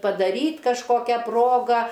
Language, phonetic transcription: Lithuanian, padaˈryt' kažˈkokia ˈproga

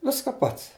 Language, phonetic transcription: Lithuanian, ˈviska ˈpats

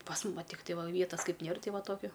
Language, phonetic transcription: Lithuanian, pas mum va ˈtiktai ˈvietas ˈkaip ˈnier ˈtai ˈva ˈtokiu

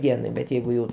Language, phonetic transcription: Lithuanian, ˈdienai bet ˈjeigu jau

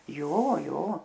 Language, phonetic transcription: Lithuanian, ˈjo ˈjo

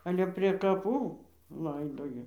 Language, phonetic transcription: Lithuanian, ˈale prė kaˈpų ˈlaidoja

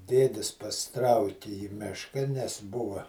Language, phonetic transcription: Lithuanian, ˈdėdis pasiˈtrauki į ˈmiška nes ˈbuva

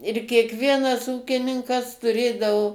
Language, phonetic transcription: Lithuanian, ir kiekˈvienas ˈūkininkas tuˈrėdavo

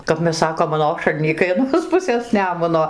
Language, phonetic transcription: Lithuanian, kap ˈmes ˈsakom aˈnošalnykai aˈnos ˈpusės ˈnemuno

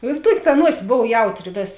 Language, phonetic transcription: Lithuanian, ir ˈtuok' ta ˈnuosis ˈbov ˈjautˌri ˈvės

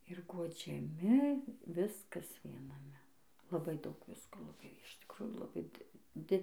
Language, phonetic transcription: Lithuanian, ir guodžiaˈmi ˈviskas vienaˈme laˈbai ˈdaug ˈvisko laˈbai iš tikˈrujų laˈbai di ˈdi

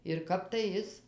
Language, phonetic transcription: Lithuanian, ir ˈkap tai ˈis

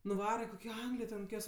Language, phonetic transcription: Lithuanian, nuˈvara kokio ˈanglijo ten koˈkios

